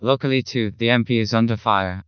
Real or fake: fake